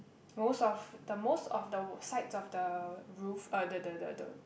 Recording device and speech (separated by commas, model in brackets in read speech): boundary microphone, conversation in the same room